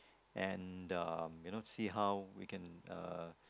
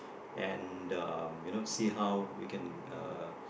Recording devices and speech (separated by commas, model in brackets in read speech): close-talking microphone, boundary microphone, conversation in the same room